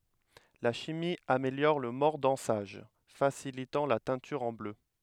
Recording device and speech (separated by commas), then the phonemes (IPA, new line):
headset microphone, read sentence
la ʃimi ameljɔʁ lə mɔʁdɑ̃saʒ fasilitɑ̃ la tɛ̃tyʁ ɑ̃ blø